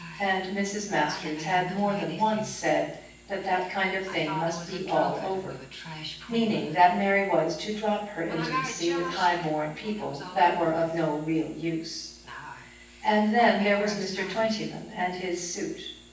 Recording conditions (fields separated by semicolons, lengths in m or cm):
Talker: one person; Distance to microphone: 9.8 m; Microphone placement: far; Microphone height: 1.8 m; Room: large; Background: television